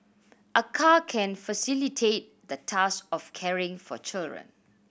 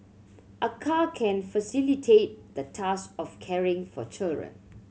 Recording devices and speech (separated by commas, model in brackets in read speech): boundary microphone (BM630), mobile phone (Samsung C7100), read sentence